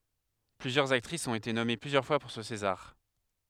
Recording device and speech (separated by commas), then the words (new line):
headset microphone, read sentence
Plusieurs actrices ont été nommées plusieurs fois pour ce César.